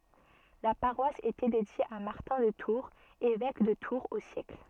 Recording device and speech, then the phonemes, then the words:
soft in-ear microphone, read sentence
la paʁwas etɛ dedje a maʁtɛ̃ də tuʁz evɛk də tuʁz o sjɛkl
La paroisse était dédiée à Martin de Tours, évêque de Tours au siècle.

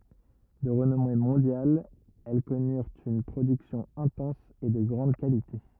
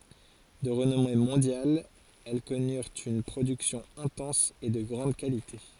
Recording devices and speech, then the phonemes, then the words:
rigid in-ear microphone, forehead accelerometer, read sentence
də ʁənɔme mɔ̃djal ɛl kɔnyʁt yn pʁodyksjɔ̃ ɛ̃tɑ̃s e də ɡʁɑ̃d kalite
De renommée mondiale, elles connurent une production intense et de grande qualité.

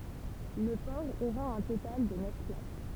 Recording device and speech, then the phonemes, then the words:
temple vibration pickup, read sentence
lə pɔʁ oʁa œ̃ total də nœf plas
Le port aura un total de neuf places.

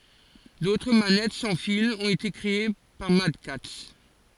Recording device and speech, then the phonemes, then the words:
forehead accelerometer, read sentence
dotʁ manɛt sɑ̃ filz ɔ̃t ete kʁee paʁ madkats
D'autres manettes sans fils ont été créées par MadCatz.

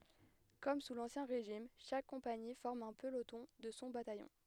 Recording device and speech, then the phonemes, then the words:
headset microphone, read sentence
kɔm su lɑ̃sjɛ̃ ʁeʒim ʃak kɔ̃pani fɔʁm œ̃ pəlotɔ̃ də sɔ̃ batajɔ̃
Comme sous l'Ancien Régime, chaque compagnie forme un peloton de son bataillon.

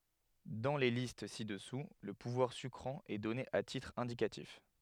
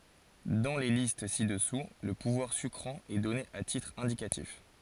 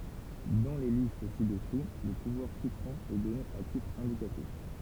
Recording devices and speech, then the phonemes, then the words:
headset microphone, forehead accelerometer, temple vibration pickup, read sentence
dɑ̃ le list si dəsu lə puvwaʁ sykʁɑ̃ ɛ dɔne a titʁ ɛ̃dikatif
Dans les listes ci-dessous, le pouvoir sucrant est donné à titre indicatif.

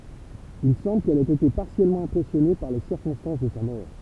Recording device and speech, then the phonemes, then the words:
temple vibration pickup, read sentence
il sɑ̃bl kɛl ɛt ete paʁtikyljɛʁmɑ̃ ɛ̃pʁɛsjɔne paʁ le siʁkɔ̃stɑ̃s də sa mɔʁ
Il semble qu'elle ait été particulièrement impressionnée par les circonstances de sa mort.

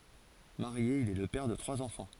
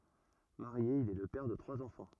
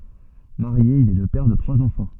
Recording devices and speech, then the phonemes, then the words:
forehead accelerometer, rigid in-ear microphone, soft in-ear microphone, read sentence
maʁje il ɛ lə pɛʁ də tʁwaz ɑ̃fɑ̃
Marié, il est le père de trois enfants.

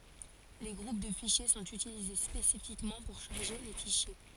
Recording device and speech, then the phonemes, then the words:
forehead accelerometer, read sentence
le ɡʁup də fiʃje sɔ̃t ytilize spesifikmɑ̃ puʁ ʃaʁʒe le fiʃje
Les groupes de fichiers sont utilisés spécifiquement pour charger les fichiers.

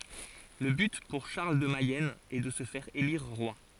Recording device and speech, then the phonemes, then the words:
forehead accelerometer, read sentence
lə byt puʁ ʃaʁl də mɛjɛn ɛ də sə fɛʁ eliʁ ʁwa
Le but pour Charles de Mayenne est de se faire élire roi.

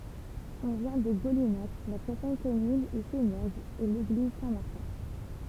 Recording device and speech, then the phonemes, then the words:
temple vibration pickup, read sentence
ɔ̃ vjɛ̃ də ɡolinak la pʁoʃɛn kɔmyn ɛ senɛʁɡz e leɡliz sɛ̃tmaʁtɛ̃
On vient de Golinhac, la prochaine commune est Sénergues et l'église Saint-Martin.

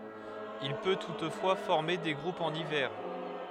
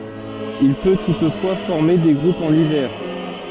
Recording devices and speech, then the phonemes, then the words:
headset microphone, soft in-ear microphone, read sentence
il pø tutfwa fɔʁme de ɡʁupz ɑ̃n ivɛʁ
Il peut toutefois former des groupes en hiver.

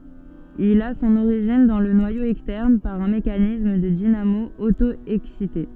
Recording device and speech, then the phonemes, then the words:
soft in-ear microphone, read sentence
il a sɔ̃n oʁiʒin dɑ̃ lə nwajo ɛkstɛʁn paʁ œ̃ mekanism də dinamo oto ɛksite
Il a son origine dans le noyau externe, par un mécanisme de dynamo auto-excitée.

